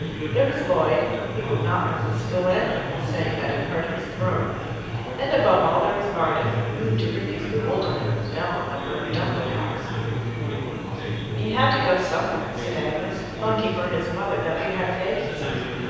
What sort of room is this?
A very reverberant large room.